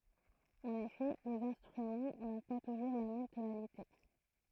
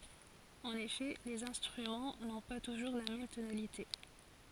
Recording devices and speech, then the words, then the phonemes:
throat microphone, forehead accelerometer, read sentence
En effet, les instruments n'ont pas toujours la même tonalité.
ɑ̃n efɛ lez ɛ̃stʁymɑ̃ nɔ̃ pa tuʒuʁ la mɛm tonalite

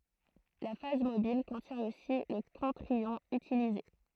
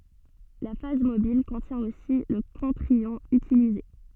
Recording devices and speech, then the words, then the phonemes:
throat microphone, soft in-ear microphone, read sentence
La phase mobile contient aussi le contre-ion utilisé.
la faz mobil kɔ̃tjɛ̃ osi lə kɔ̃tʁ jɔ̃ ytilize

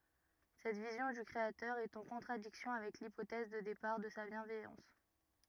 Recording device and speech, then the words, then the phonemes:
rigid in-ear microphone, read sentence
Cette vision du Créateur est en contradiction avec l'hypothèse de départ de sa bienveillance.
sɛt vizjɔ̃ dy kʁeatœʁ ɛt ɑ̃ kɔ̃tʁadiksjɔ̃ avɛk lipotɛz də depaʁ də sa bjɛ̃vɛjɑ̃s

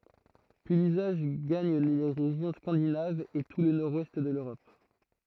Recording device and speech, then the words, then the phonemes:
throat microphone, read sentence
Puis l'usage gagne les régions scandinaves et tout le nord-ouest de l'Europe.
pyi lyzaʒ ɡaɲ le ʁeʒjɔ̃ skɑ̃dinavz e tu lə nɔʁdwɛst də løʁɔp

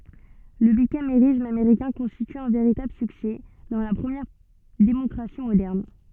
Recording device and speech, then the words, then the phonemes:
soft in-ear microphone, read sentence
Le bicamérisme américain constitue un véritable succès dans la première démocratie moderne.
lə bikameʁism ameʁikɛ̃ kɔ̃stity œ̃ veʁitabl syksɛ dɑ̃ la pʁəmjɛʁ demɔkʁasi modɛʁn

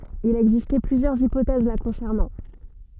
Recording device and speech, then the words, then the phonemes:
soft in-ear microphone, read sentence
Il a existé plusieurs hypothèses la concernant.
il a ɛɡziste plyzjœʁz ipotɛz la kɔ̃sɛʁnɑ̃

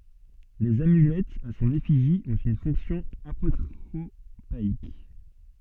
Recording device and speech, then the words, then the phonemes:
soft in-ear microphone, read sentence
Les amulettes à son effigie ont une fonction apotropaïque.
lez amylɛtz a sɔ̃n efiʒi ɔ̃t yn fɔ̃ksjɔ̃ apotʁopaik

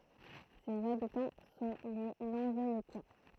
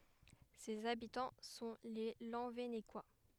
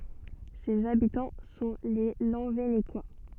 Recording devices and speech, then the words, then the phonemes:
throat microphone, headset microphone, soft in-ear microphone, read sentence
Ses habitants sont les Lanvénécois.
sez abitɑ̃ sɔ̃ le lɑ̃venekwa

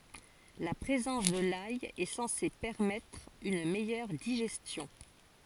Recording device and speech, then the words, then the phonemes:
forehead accelerometer, read sentence
La présence de l'ail est censée permettre une meilleure digestion.
la pʁezɑ̃s də laj ɛ sɑ̃se pɛʁmɛtʁ yn mɛjœʁ diʒɛstjɔ̃

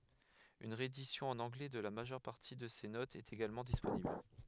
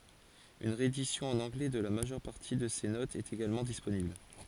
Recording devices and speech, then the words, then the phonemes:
headset microphone, forehead accelerometer, read sentence
Une réédition en anglais de la majeure partie de ces notes est également disponible.
yn ʁeedisjɔ̃ ɑ̃n ɑ̃ɡlɛ də la maʒœʁ paʁti də se notz ɛt eɡalmɑ̃ disponibl

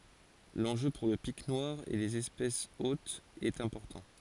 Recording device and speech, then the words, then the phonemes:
forehead accelerometer, read sentence
L'enjeu pour le Pic noir et les espèces hôtes est important.
lɑ̃ʒø puʁ lə pik nwaʁ e lez ɛspɛsz otz ɛt ɛ̃pɔʁtɑ̃

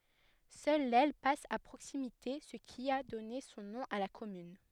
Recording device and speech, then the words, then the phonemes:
headset microphone, read sentence
Seule l'Elle passe à proximité, ce qui a donné son nom à la commune.
sœl lɛl pas a pʁoksimite sə ki a dɔne sɔ̃ nɔ̃ a la kɔmyn

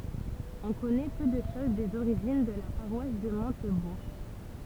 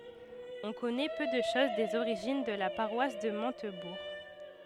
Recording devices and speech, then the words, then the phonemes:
temple vibration pickup, headset microphone, read sentence
On connaît peu de choses des origines de la paroisse de Montebourg.
ɔ̃ kɔnɛ pø də ʃoz dez oʁiʒin də la paʁwas də mɔ̃tbuʁ

